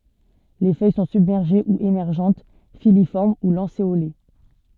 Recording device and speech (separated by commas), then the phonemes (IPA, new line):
soft in-ear microphone, read sentence
le fœj sɔ̃ sybmɛʁʒe u emɛʁʒɑ̃t filifɔʁm u lɑ̃seole